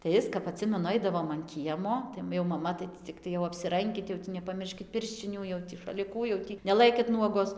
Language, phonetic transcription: Lithuanian, tai ˈis kap aˈtsimenu ˈaidavom an ˈkiemo jau maˈma tai ˈtį ciˈktai jau apsiˈrankit jau ˈtį nepaˈmirškit ˈpirščinių jau tį šaliˈkų jau ˈtį neˈlɘkit ˈnuogos

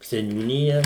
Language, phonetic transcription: Lithuanian, seniūˈnija

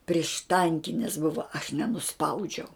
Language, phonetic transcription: Lithuanian, priešˈtankinis ˈbuva aš nenuˈspaudžiau

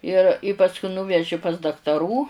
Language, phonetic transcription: Lithuanian, ir i ˈpasku nūˈveži pas daktaˈrų

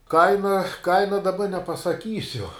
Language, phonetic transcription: Lithuanian, ˈkaina ˈkaina daˈba nepasaˈkysiu

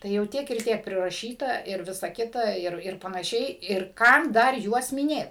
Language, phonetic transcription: Lithuanian, ˈtai jau ˈtiek ir ˈtiek priraˈšyta ir ˈvisa ˈkita ˈir ir panaˈšiai ir ˈkam ˈdar ˈjuos miˈnėt

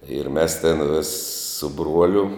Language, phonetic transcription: Lithuanian, ir mes tin vis su ˈbruoliu

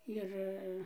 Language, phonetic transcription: Lithuanian, ˈjir

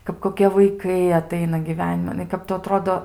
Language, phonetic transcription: Lithuanian, kap koˈkie vaiˈkai aˈtaina gyˈveniman nu i ˈkap tu aˈtrodo

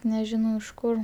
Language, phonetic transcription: Lithuanian, neˈžinau iš kur

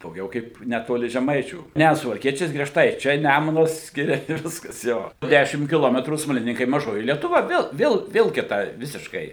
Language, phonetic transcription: Lithuanian, dauˈgiau kaip neˈtoli žeˈmaičių ˈnæ suvalˈkiečiais grieˈžtai ˈčia ˈnæmunas ˈskiria i ˈviskas ˈjo ˈdæšim kiˈlometrų smaliˈninkai maˈžoji lietuˈva ˈvėl ˈvėl vėl kiˈtai ˈvisiškai

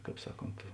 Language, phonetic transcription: Lithuanian, ˈkāp ˈsaˌkont

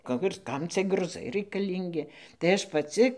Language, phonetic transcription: Lithuanian, ˈka ir ˈkam cie gruˈzai raikaˈlyngi tai ˈaš paˈci

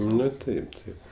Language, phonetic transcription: Lithuanian, ˈnu ˈtaip ˈtaip

